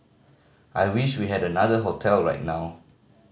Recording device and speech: mobile phone (Samsung C5010), read sentence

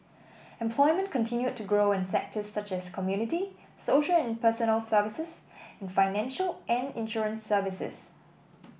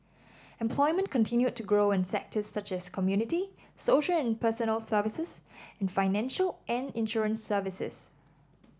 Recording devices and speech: boundary microphone (BM630), standing microphone (AKG C214), read sentence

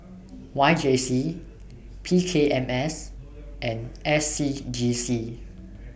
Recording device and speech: boundary microphone (BM630), read sentence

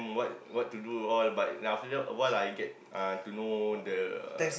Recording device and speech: boundary microphone, conversation in the same room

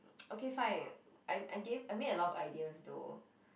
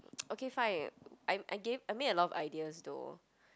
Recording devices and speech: boundary microphone, close-talking microphone, conversation in the same room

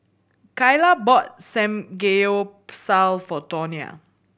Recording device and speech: boundary microphone (BM630), read sentence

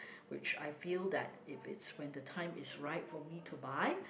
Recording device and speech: boundary microphone, conversation in the same room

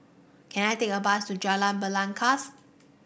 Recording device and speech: boundary microphone (BM630), read sentence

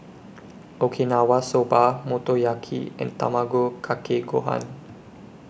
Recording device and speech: boundary microphone (BM630), read sentence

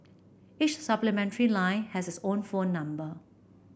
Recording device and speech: boundary microphone (BM630), read sentence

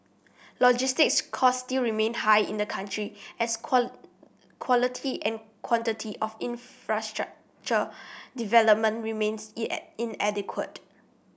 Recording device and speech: boundary microphone (BM630), read sentence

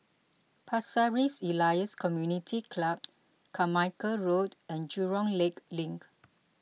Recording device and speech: mobile phone (iPhone 6), read sentence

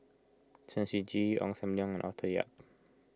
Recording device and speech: close-talking microphone (WH20), read sentence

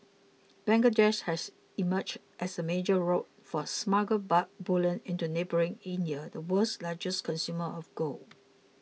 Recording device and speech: mobile phone (iPhone 6), read sentence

